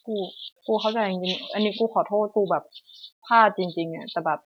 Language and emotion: Thai, sad